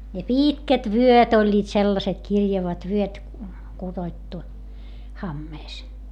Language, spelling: Finnish, ja pitkät vyöt olivat sellaiset kirjavat vyöt kudottu hameessa
- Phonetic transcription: ja piitkät vyöt ‿oĺĺiit sellaset kirjavat vyöt , kuDoⁱttu , hammees .

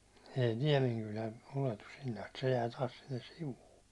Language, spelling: Finnish, ei Niemenkylä ylety sinne asti se jää taas sinne sivuun
- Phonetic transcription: ei 'Niɛmeŋkylä 'uletus sinne ast , se jää 'taas sinnes "sivuu .

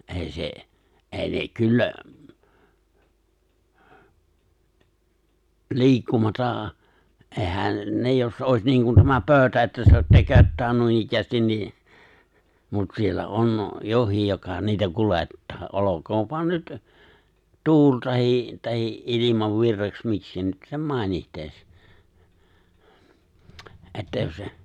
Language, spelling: Finnish, ei se ei ne kyllä liikkumatta eihän ne jos olisi niin kuin tämä pöytä että seistä tököttää noinikään niin mutta siellä on jokin joka niitä kuljettaa olkoon vain nyt tuulee tai tai ilmanvirraksi miksi nyt sen mainitsee että jos se
- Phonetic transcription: '’èi se , '’èi ne 'kyllä , 'li̬ikkumatà , '’ehä̀n , 'ne , jos '’òi̬s niiŋkun tämä 'pööʸtä että se(istä) "tököttää 'nuinikkäästin ni , mut siellä '’on , 'johìj joka niitä 'kulettaa , '’olok̀(oov voan) 'nyt , "tuul tahi , tahi’ '’ilimavvirraks 'mikskä nyt sem "mài̬nihteeis , '’että jos 'se ,

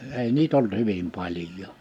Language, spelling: Finnish, ei niitä ollut hyvin paljon
- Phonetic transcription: 'ei "niit ‿olt 'hyvim 'paĺj̀ò .

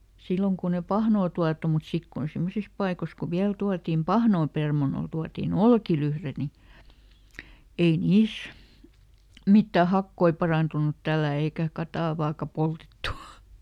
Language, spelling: Finnish, silloin kun ei pahnaa tuotu mutta sitten kun semmoisissa paikoissa kun vielä tuotin pahnaa permannolle tuotiin olkilyhde niin ei niissä mitään hakoja parantunut tällä eikä katajaakaan poltettu
- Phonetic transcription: ˈsilloŋ kun ‿e "pahnoo tuatu mut ˈsik kun "simmosis paikos ku ˈviäl tuatim "pahnoo ˈpermanol ˈtuatì"n ‿olkilyhre ni , ˈei ˈniis , ˈmittä "hakkoi ˈparàntunut tällä̀ eikä ˈkatàvaaka ˈpoltettu .

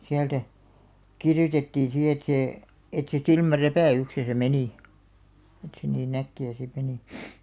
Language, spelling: Finnish, sieltä kirjoitettiin sitten että se että se silmänräpäyksessä meni että se niin äkkiä sitten meni
- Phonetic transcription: 'siältä , "kirjotettiin 'si et 'see , et se 'silmä"räpä̀₍'yksesä menì , et se nii'n ‿äkki₍ä sit 'menì .

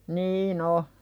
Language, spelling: Finnish, niin on
- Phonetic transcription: niin ‿o .

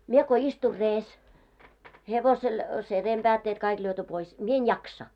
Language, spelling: Finnish, minä kun istuin reessä hevosella sen reenpäätteet kaikki lyöty pois minä en jaksa
- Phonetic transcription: 'mie ko istur 'rees , 'hevosel , se 'reem'ʙäätteet kaik lyöty pois , 'mie en "jaksa .

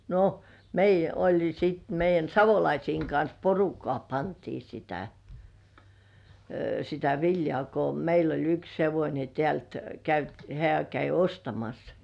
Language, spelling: Finnish, no meidän oli sitten meidän Savolaisten kanssa porukkaa pantiin sitä sitä viljaa kun meillä oli yksi hevonen täältä - hän kävi ostamassa
- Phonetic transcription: no , 'meij̆jä oĺ sit meij̆jän "Savolaisiiŋ kans 'porukkŏà pantii sitä , sitä 'viljŏà ko 'meil ‿oĺ yks "hevońe 'tĕä̀lt , käyt- , 'hĕä̀ käi "ostamas .

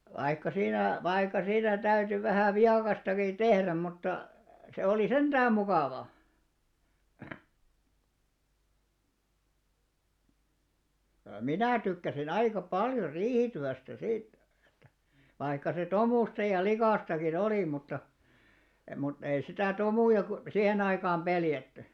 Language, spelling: Finnish, vaikka siinä vaikka siinä täytyi vähän viekastakin tehdä mutta se oli sentään mukava minä tykkäsin aika paljon riihityöstä sitten että vaikka se tomuista ja likaistakin oli mutta mutta ei sitä tomuja kun siihen aikaan pelätty
- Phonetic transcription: vaikka 'siinä , 'vaikka siinä 'täyty vähä̀ 'viakastakiḭ "tehräm mutta , 'se olì "senᴅääm 'mukàva , "minä̀ tykkäsi'n ‿aíka 'paljor "riihityästä 'sìt ᴇttᴀ̈ , 'vaikka se "tomùsta ja 'likàstaki'n ‿olì mutta , mut ei 'sitä 'tomùja ko , "sihen ‿aikaam 'peljätty .

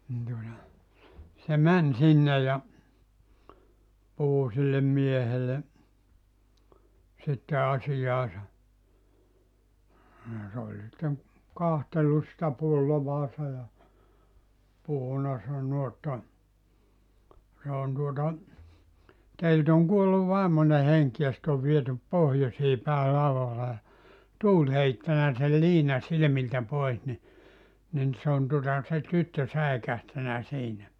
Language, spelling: Finnish, niin tuota se meni sinne ja puhui sille miehelle sitten asiaansa ja se oli sitten katsellut sitä pulloansa ja puhunut sanonut että se on tuota teiltä on kuollut vaimoinen henki ja se on viety pohjoiseen päin laudalla ja tuuli heittänyt sen liinan silmiltä pois niin niin se on tuota se tyttö säikähtänyt siinä
- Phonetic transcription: nin tuota , se 'män 'sinne ja , 'puhu sillem 'miehele , sitte 'asijaasa , ja sᵉ ‿oĺ sitteŋ , 'kahtellus sⁱtä 'pullovaasa ja , 'puhuna 'sannu o̳§tta , » se on tuota , 'teilt ‿oŋ 'kuollu 'vàemone "heŋk ja sⁱt ‿ov 'vietyp "pohjosii päi 'lauvalla ja , "tuuĺ 'heittänä sel "liina 'silⁱmiltä 'pois ni , nin se on tuᵒta , se 'tyttö 'säekähtänä 'siinä « .

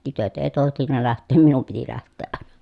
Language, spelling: Finnish, tytöt ei tohtinut lähteä minun piti lähteä aina
- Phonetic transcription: tytöt ee tohtinna läht̆teem minum piti läht̆teeʼ ʼàeNA .

